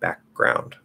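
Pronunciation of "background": In 'background', the k is stopped, and then the g is said.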